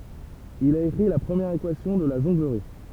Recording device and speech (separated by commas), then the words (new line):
temple vibration pickup, read sentence
Il a écrit la première équation de la jonglerie.